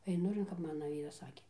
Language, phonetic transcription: Lithuanian, eiˈnu ir kap ˈmana ˈvyras ˈsakė

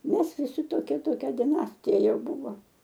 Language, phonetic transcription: Lithuanian, ˈmes viˈsi toˈkie toˈkia diˈnastija ˈjau ˈbūvo

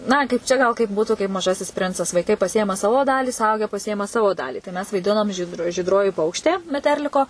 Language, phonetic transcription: Lithuanian, ˈna kaip ˈčia gal kaip ˈbūtu kaip maˈžasis ˈprincas vaiˈkai paˈsiėma ˈsavo ˈdalį suˈauge paˈsiėma ˈsavo ˈdalį tai ˈmes vaiˈdinom žyd žydˈroji ˈpaukštė meˈterliko

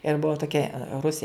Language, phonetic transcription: Lithuanian, ir ˈbuva toˈkia ˈrusė

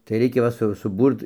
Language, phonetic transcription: Lithuanian, tai ˈreikia ˈva su suˈbūrt

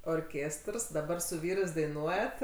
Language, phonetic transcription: Lithuanian, orˈkėstrs daˈbar su ˈvyrɜs daiˈnuojat

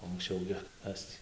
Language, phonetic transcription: Lithuanian, o anksˈčiau gi ˈkas tį

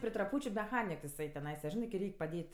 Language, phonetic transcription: Lithuanian, pri traˈpūčiu meˈchanik jiˈsai teˈnaisa ˈžinai kai ˈreik' paˈdėt'

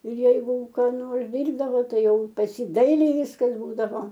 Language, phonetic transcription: Lithuanian, ir ˈjeigu ką ˈnors ˈdyrbdavo ˈtai ˈjau pas ˈjį ˈdailiai ˈviskas ˈbūdavo

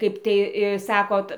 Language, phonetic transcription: Lithuanian, ˈkaip tai i ˈsakot

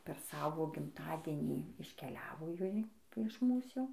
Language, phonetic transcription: Lithuanian, per ˈsavo gimˈtadienį iškeˈliavo ˈjoj iš ˈmūs ˈjau

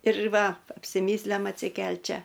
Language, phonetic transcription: Lithuanian, ir ˈva apsiˈmyslem atsiˈkel't' ˈčia

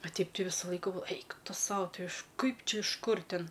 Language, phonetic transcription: Lithuanian, a ˈteip ˈti ˈvisu ˈlaiku ˈeik ˈtu ˈsau iš ˈkaip ˈčia iš ˈkur ˈtin

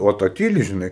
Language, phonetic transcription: Lithuanian, o ˈta ˈtyli žiˈnai

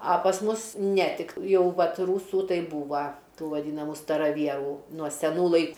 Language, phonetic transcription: Lithuanian, a pas ˈmus ne ˈtik ˈjau ˈvat ˈrūsų ˈtai ˈbūva ˈtų vaˈdynamu staraˈvierų nuo seˈnų lai

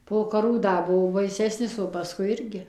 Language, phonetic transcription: Lithuanian, po kaˈrų ˈda ˈbuvo baiˈsesnis o paˈskui ˈirgi

